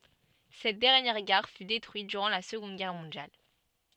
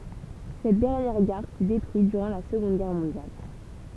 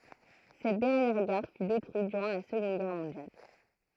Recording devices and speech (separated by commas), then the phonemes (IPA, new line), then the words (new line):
soft in-ear microphone, temple vibration pickup, throat microphone, read sentence
sɛt dɛʁnjɛʁ ɡaʁ fy detʁyit dyʁɑ̃ la səɡɔ̃d ɡɛʁ mɔ̃djal
Cette dernière gare fut détruite durant la Seconde Guerre mondiale.